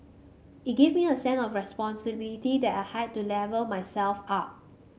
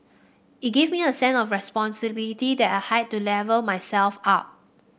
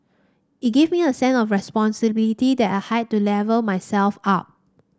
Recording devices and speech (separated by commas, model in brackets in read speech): mobile phone (Samsung C5), boundary microphone (BM630), standing microphone (AKG C214), read sentence